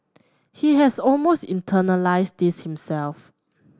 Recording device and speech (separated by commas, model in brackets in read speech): standing microphone (AKG C214), read sentence